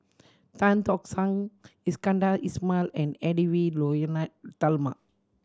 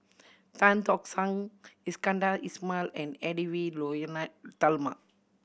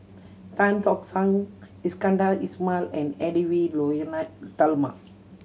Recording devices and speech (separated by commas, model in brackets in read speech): standing microphone (AKG C214), boundary microphone (BM630), mobile phone (Samsung C7100), read sentence